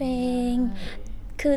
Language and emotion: Thai, frustrated